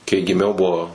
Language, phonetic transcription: Lithuanian, kai giˈmiau ˈbuvo

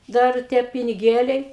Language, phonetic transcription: Lithuanian, ˈdar ˈtie piniˈgėliai

